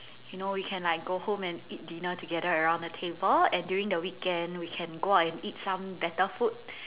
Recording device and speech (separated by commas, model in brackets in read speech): telephone, conversation in separate rooms